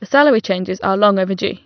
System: none